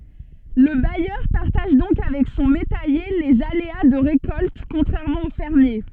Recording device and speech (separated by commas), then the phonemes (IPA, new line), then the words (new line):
soft in-ear microphone, read sentence
lə bajœʁ paʁtaʒ dɔ̃k avɛk sɔ̃ metɛje lez alea də ʁekɔlt kɔ̃tʁɛʁmɑ̃ o fɛʁmje
Le bailleur partage donc avec son métayer les aléas de récolte, contrairement au fermier.